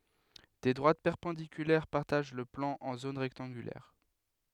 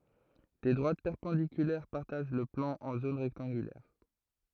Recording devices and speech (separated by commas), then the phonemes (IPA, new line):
headset microphone, throat microphone, read sentence
de dʁwat pɛʁpɑ̃dikylɛʁ paʁtaʒ lə plɑ̃ ɑ̃ zon ʁɛktɑ̃ɡylɛʁ